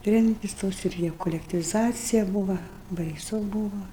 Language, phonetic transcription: Lithuanian, ˈtremtis ˈtos ir ˈjau kolektyviˈzacija ˈbūva baiˈsu ˈbūva

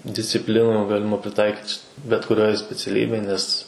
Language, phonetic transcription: Lithuanian, disciˈplinų ˈgalima priˈtaikyt či bet kuˈrioj speciaˈlybėj ˈnes

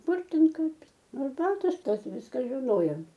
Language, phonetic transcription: Lithuanian, ˈkur ˈten ˈkaip ˈnu arˈbatos ˈtas ˈviska žiˈnojom

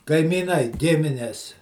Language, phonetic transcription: Lithuanian, kaimyˈnai ˈgimines

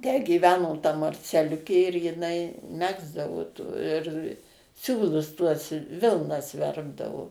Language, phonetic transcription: Lithuanian, tę gyˈveno ta marceˈliukė ir jiˈnai ˈmegzdavo tų ir ˈsiūlus tuos ˈvilnas ˈverpdavo

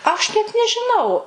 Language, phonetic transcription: Lithuanian, aš net nežiˈnau

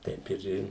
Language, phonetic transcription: Lithuanian, ˈteip ir ˈi

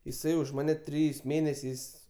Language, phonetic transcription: Lithuanian, jiˈsai už ˈmane ˈtrijais ˈmėnesiais

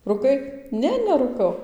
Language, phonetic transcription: Lithuanian, ruˈkai ˈne nerūˈkau

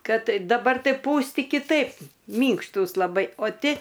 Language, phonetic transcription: Lithuanian, ˈkad daˈbar ˈtai ˈpūsti kiˈtaip ˈmynkštūs laˈbai o ˈti

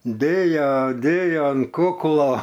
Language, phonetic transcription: Lithuanian, ˈdėjo ˈdėjo an ˈkuklo

